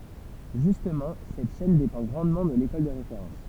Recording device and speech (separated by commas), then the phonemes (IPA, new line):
temple vibration pickup, read sentence
ʒystmɑ̃ sɛt ʃɛn depɑ̃ ɡʁɑ̃dmɑ̃ də lekɔl də ʁefeʁɑ̃s